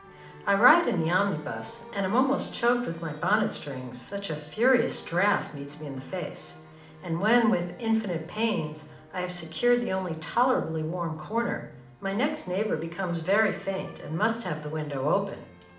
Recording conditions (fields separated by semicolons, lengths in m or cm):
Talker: one person; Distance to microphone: 2.0 m; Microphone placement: close; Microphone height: 99 cm; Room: medium-sized (5.7 m by 4.0 m); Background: music